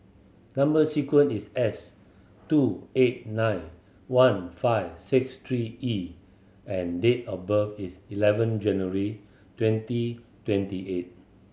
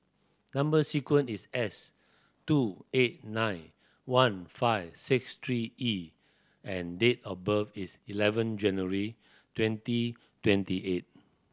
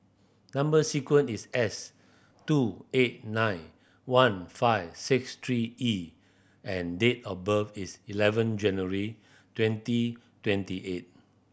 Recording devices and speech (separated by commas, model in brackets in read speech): mobile phone (Samsung C7100), standing microphone (AKG C214), boundary microphone (BM630), read sentence